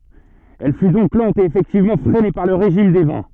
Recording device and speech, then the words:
soft in-ear microphone, read sentence
Elle fut donc lente et effectivement freinée par le régime des vents.

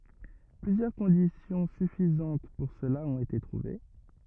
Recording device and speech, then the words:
rigid in-ear microphone, read sentence
Plusieurs conditions suffisantes pour cela ont été trouvées.

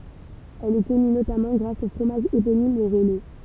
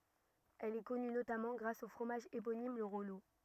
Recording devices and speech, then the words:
temple vibration pickup, rigid in-ear microphone, read sentence
Elle est connue notamment grâce au fromage éponyme, le Rollot.

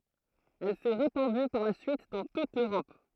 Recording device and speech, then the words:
throat microphone, read sentence
Elle s'est répandue par la suite dans toute l'Europe.

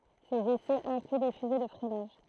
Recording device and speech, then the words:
throat microphone, read sentence
Ses essais incluent des fusées de freinage.

